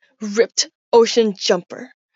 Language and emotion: English, disgusted